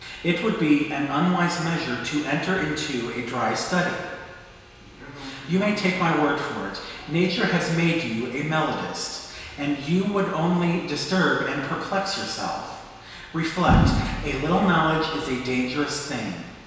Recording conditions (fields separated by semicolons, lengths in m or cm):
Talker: one person; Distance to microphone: 1.7 m; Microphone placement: close; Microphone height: 1.0 m; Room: very reverberant, large; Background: television